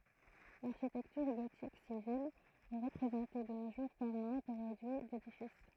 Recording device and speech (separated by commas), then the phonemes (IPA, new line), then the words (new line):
throat microphone, read sentence
laʁʃitɛktyʁ ɡotik sivil ɛ ʁəpʁezɑ̃te də no ʒuʁ paʁ œ̃ nɔ̃bʁ ʁedyi dedifis
L’architecture gothique civile est représentée de nos jours par un nombre réduit d'édifices.